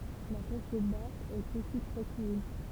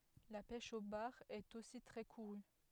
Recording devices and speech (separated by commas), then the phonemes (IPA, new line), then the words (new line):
temple vibration pickup, headset microphone, read sentence
la pɛʃ o baʁ ɛt osi tʁɛ kuʁy
La pêche au bar est aussi très courue.